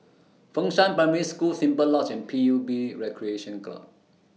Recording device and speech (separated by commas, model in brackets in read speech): mobile phone (iPhone 6), read sentence